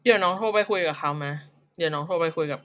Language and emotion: Thai, frustrated